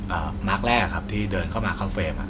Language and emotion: Thai, neutral